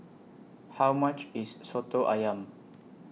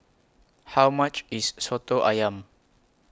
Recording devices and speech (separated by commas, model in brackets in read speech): mobile phone (iPhone 6), close-talking microphone (WH20), read sentence